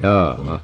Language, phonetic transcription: Finnish, "jaaha .
- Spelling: jaaha

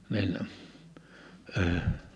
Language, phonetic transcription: Finnish, nin , əəʰ .
- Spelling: niin -

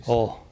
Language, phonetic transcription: Finnish, 'o .
- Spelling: on

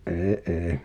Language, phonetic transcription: Finnish, '’ee ’ee .
- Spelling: ei ei

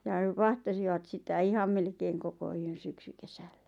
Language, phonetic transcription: Finnish, ʲᵃ 'vahtasivat sitä "iham melkeeŋ 'koko 'yön̬ 'syksykesällä .
- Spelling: ja vahtasivat sitä ihan melkein koko yön syksykesällä

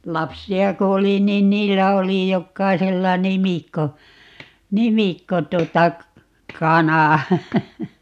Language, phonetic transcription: Finnish, "lapsi₍a ko 'oli 'niin "niillä 'oli 'jokkaisella "nimikko , "nimikko - 'tuota , "-kana .
- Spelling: lapsia kun oli niin niillä oli jokaisella nimikko nimikko tuota kana

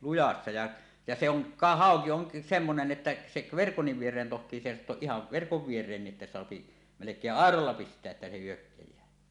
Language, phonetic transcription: Finnish, 'lujassa ja , ja se ‿on , ka 'hàoki oŋk̳ , 'semmonen että , sek̳ , "verkonniv 'vier̀een toht̀ii sèisattuoˀ ˀihav 'verkov "vier̀eenniˀ ˀettä soapi , melek̀eeˀ "ˀàerolla 'pist̀eä ’että se 'hyökkej̆jää .
- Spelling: lujassa ja ja se on ka hauki on semmoinen että se verkon viereen tohtii seisahtua ihan verkon viereen että saa melkein airolla pistää että se hyökkää

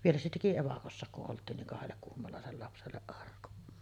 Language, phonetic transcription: Finnish, 'vielä se teki "evakossàek kuˀ ˀolt̆tiin niŋ 'kahellek 'kuhmolàesel lapselle’ ’arkun .
- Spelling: vielä se teki evakossakin kun oltiin niin kahdelle kuhmolaiselle lapselle arkun

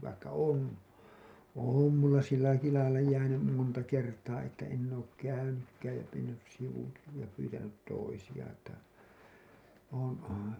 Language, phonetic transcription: Finnish, vaikka 'on , 'òm mulla sillaiki lailla jäänym , monta kertaa että enn ‿ook 'käynykkääj ja mennys 'sivuki ja pyytänyt 'toisiʲa tai , (oon òn̬) .
- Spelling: vaikka on on minulla sillä lailla lailla jäänyt monta kertaa että en ole käynytkään ja mennyt sivu ja pyytänyt toisia tai olen on

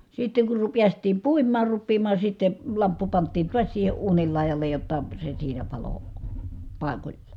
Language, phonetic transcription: Finnish, sitteŋ kur ru- piäst̀iim puim̆maar ruppiimaa sitten̬ , lamppu pant̆tiin tuas siihe uunil lài̮jal̀ej jotta , se siinä palo , pài̮koĺlA .
- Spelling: sitten kun - päästiin puimaan rupeamaan sitten lamppu pantiin taas siihen uunin laidalle jotta se siinä paloi paikoillaan

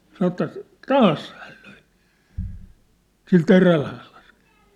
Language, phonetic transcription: Finnish, san° ĕttä , "taas hääl löi , sil 'teräl (hääl las) .
- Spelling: sanoi että taas hän löi sillä terällä hän -

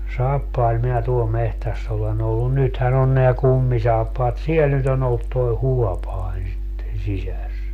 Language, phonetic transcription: Finnish, "saappail minä tuol 'mehtäss ‿olen ‿ollu - "nythän ‿on neä "kummisaappaat - "siel nyt ‿on ‿ollut toi̮ "huɔpain̬ sitten̬ 'sisäs .
- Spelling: saappailla minä tuolla metsässä olen ollut nythän on nämä kummisaappaat siellä nyt on ollut tuo huopanen sitten sisässä

